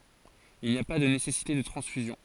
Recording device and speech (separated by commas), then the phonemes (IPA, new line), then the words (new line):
forehead accelerometer, read sentence
il ni a pa də nesɛsite də tʁɑ̃sfyzjɔ̃
Il n'y a pas de nécessité de transfusion.